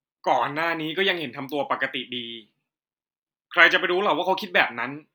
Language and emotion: Thai, frustrated